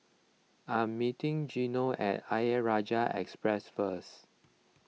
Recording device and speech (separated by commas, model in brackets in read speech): mobile phone (iPhone 6), read sentence